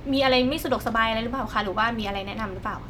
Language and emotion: Thai, neutral